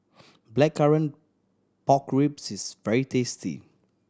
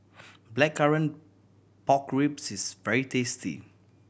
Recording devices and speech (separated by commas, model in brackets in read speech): standing microphone (AKG C214), boundary microphone (BM630), read sentence